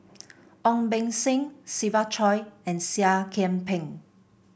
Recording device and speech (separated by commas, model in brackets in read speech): boundary microphone (BM630), read sentence